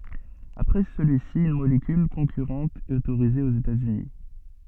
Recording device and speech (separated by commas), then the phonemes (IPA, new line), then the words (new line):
soft in-ear microphone, read sentence
apʁɛ səlyi si yn molekyl kɔ̃kyʁɑ̃t ɛt otoʁize oz etaz yni
Après celui-ci, une molécule concurrente est autorisée aux États-Unis.